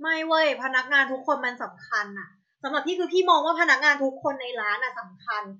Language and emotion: Thai, frustrated